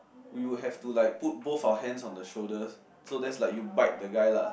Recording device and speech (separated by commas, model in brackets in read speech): boundary microphone, conversation in the same room